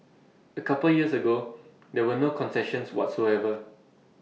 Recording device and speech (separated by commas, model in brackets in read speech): mobile phone (iPhone 6), read sentence